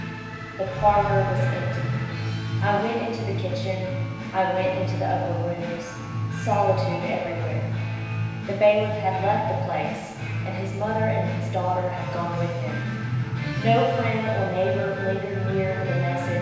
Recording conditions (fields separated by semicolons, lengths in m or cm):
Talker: one person; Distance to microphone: 1.7 m; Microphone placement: close; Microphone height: 1.0 m; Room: very reverberant, large; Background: music